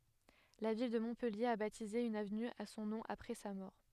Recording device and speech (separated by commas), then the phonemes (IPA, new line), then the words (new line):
headset microphone, read sentence
la vil də mɔ̃pɛlje a batize yn avny a sɔ̃ nɔ̃ apʁɛ sa mɔʁ
La ville de Montpellier a baptisé une avenue à son nom après sa mort.